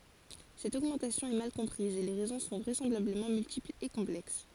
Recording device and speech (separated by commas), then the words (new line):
forehead accelerometer, read sentence
Cette augmentation est mal comprise et les raisons sont vraisemblablement multiples et complexes.